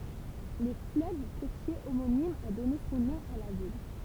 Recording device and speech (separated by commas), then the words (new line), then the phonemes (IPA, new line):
temple vibration pickup, read sentence
Le fleuve côtier homonyme a donné son nom à la ville.
lə fløv kotje omonim a dɔne sɔ̃ nɔ̃ a la vil